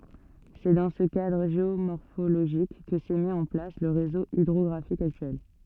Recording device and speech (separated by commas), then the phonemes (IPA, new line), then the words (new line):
soft in-ear microphone, read sentence
sɛ dɑ̃ sə kadʁ ʒeomɔʁfoloʒik kə sɛ mi ɑ̃ plas lə ʁezo idʁɔɡʁafik aktyɛl
C'est dans ce cadre géomorphologique que s'est mis en place le réseau hydrographique actuel.